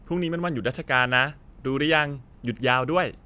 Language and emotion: Thai, happy